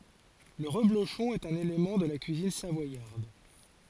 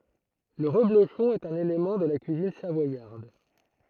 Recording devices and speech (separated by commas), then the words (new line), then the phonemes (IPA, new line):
forehead accelerometer, throat microphone, read sentence
Le reblochon est un élément de la cuisine savoyarde.
lə ʁəbloʃɔ̃ ɛt œ̃n elemɑ̃ də la kyizin savwajaʁd